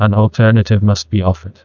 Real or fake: fake